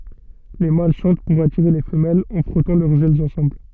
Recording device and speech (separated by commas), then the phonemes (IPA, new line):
soft in-ear microphone, read sentence
le mal ʃɑ̃t puʁ atiʁe le fəmɛlz ɑ̃ fʁɔtɑ̃ lœʁz ɛlz ɑ̃sɑ̃bl